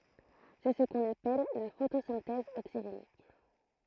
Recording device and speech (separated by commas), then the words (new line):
throat microphone, read sentence
C'est ce qu'on appelle la photosynthèse oxygénique.